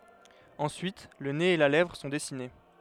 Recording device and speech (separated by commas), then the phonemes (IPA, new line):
headset microphone, read sentence
ɑ̃syit lə nez e la lɛvʁ sɔ̃ dɛsine